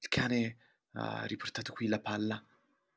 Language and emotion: Italian, fearful